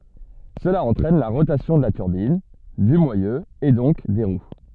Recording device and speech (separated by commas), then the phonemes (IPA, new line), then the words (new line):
soft in-ear microphone, read sentence
səla ɑ̃tʁɛn la ʁotasjɔ̃ də la tyʁbin dy mwajø e dɔ̃k de ʁw
Cela entraîne la rotation de la turbine, du moyeu et donc des roues.